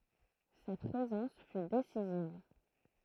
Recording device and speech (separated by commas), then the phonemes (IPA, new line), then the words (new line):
throat microphone, read sentence
sa pʁezɑ̃s fy desiziv
Sa présence fut décisive.